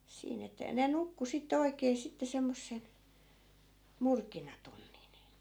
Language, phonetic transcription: Finnish, 'siin ‿että (ja) ne "nukku sitte 'oikee sitte 'semmossen̬ , 'murkinatunnin .
- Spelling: siinä että ja ne nukkui sitten oikein sitten semmoisen murkinatunnin

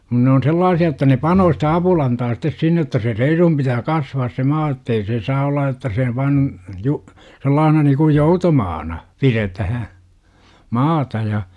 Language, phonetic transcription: Finnish, (mut) ne on 'sellaasi₍a että ne "panoo sitä 'apulantaa sit̆tes 'sinne että se "reiruhum pitää "kasvaas se "maa jottei se 'saa olla otta se , vaan , ju- , 'sellaahna niikuj "joutomaana , 'piretähä , 'maata ja .
- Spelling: mutta ne on sellaisia että ne panee sitä apulantaa sitten sinne että se reiluun pitää kasvaa se maa jotta ei se saa olla jotta se vain - sellaisena niin kuin joutomaana pidetään maata ja

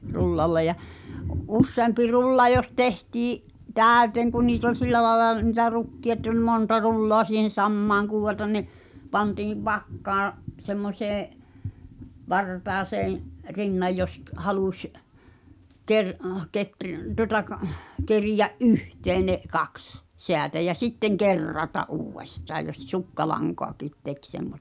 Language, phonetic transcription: Finnish, 'rullalle ja , '’usseampi "rulla jos 'tehtii’ , "tä̀ötèŋ kun niit ‿oĺ "sillä laĕla , ni̳tä 'rukki₍a ‿[e]tt ‿oĺ "monta 'rulloă si̳hen̬ "sammaaŋ (kùwwatan) ni̬ , 'pantiiv "vakkaaa̰ , 'semmośeeḛ , "vartaaseeḛ , "rinnaj jos k- 'haluś , 'ker- , 'ketr- , tuŏta k- , 'kerijä’ "’yhtee ne , 'kaks , 'seätä jä 'sitteŋ "ker̀rata’ "’uuwwestaa jos 'sukkalaŋkoakìt 'tek semmostᵃ .
- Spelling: rullalle ja useampi rulla jos tehtiin täyteen kun niitä oli sillä lailla niitä rukkeja että oli monta rullaa siihen samaan - niin pantiin vakkaan semmoiseen vartaaseen rinnan jos - halusi - - tuota - keriä yhteen ne kaksi säätä ja sitten kerrata uudestaan jos sukkalankojakin teki semmoista

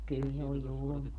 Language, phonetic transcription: Finnish, 'kyl se oj̆ "julmaa .
- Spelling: kyllä se on julmaa

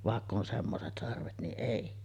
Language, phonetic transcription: Finnish, 'vàekk ‿on 'semmoset sarvet niˀ "ˀèi .
- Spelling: vaikka on semmoiset sarvet niin ei

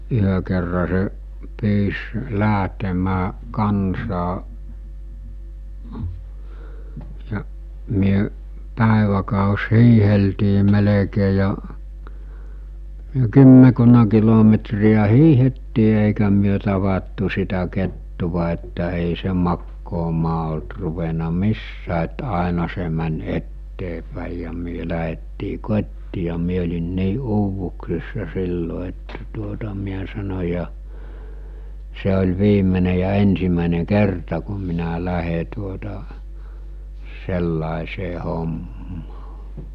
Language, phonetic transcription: Finnish, 'yhö kerra se , 'pyys , 'lä̀ɦtemää , 'kansaa , ja , myö , 'pä̀eväkàos 'hiiheltii melekee ja , myö 'kymmekunna kilometri₍ä 'hiihettii èikä myö tavattu sitä kettuva että èi se 'makkoomaa olt ruvena 'missää et 'àena se män̜ 'etteepä̀i ja myö läɦettii 'kot́tii ja mie ‿oĺin 'nii 'uuvuksissa 'sillo että tuota 'miä sano͕ ja , » 'se ol̜ 'viimene ja 'ensimä̀ene 'kerta ku minä 'lähe tuota , 'sellàesee 'hommaa « .
- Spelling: yhden kerran se pyysi lähtemään kanssaan ja me päiväkös hiihdeltiin melkein ja me kymmenkunta kilometriä hiihdettiin eikä me tavattu sitä kettua että ei se makaamaan ollut ruvennut missään että aina se meni eteenpäin ja me lähdettiin kotiin ja minä olin niin uuvuksissa silloin että tuota minä sanoin ja se oli viimeinen ja ensimmäinen kerta kun minä lähden tuota sellaiseen hommaan

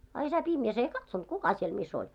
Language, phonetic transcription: Finnish, a isä pimjäs 'ei "katsont "kuka siel mi's ‿oĺ .
- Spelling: a isä pimeässä ei katsonut kuka siellä missä oli

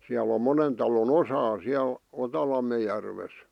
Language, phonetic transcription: Finnish, siäl ‿om 'monen talon "osaa 'siäl , "Otalamme järves .
- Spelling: siellä on monen talon osaa siellä Otalammen järvessä

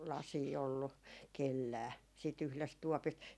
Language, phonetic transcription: Finnish, "lasii ollu , "kellää , siit yhlest 'tuɔpist ,.
- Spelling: lasia ollut kenelläkään siitä yhdestä tuopista

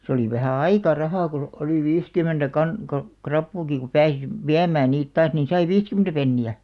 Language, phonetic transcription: Finnish, se oli vähä "aika 'rahà ku , oli "viiskum̆mentä kan- , ka- , 'krappuuki ku 'pääsi , "viäm̆§mään̆§ 'niit 'taas nin sai "viiskymᵉⁿtä 'penni₍ä .
- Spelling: se oli vähän aika rahaa kun oli viisikymmentä - - rapuakin kun pääsi viemään niitä taas niin sai viisikymmentä penniä

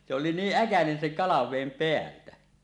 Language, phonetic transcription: Finnish, se oli 'niiˀ "ˀäkänen seŋ "kalavèim 'peältä .
- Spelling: se oli niin äkäinen sen kalaveden päältä

